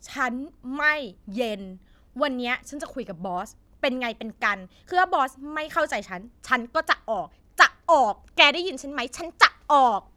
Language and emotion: Thai, angry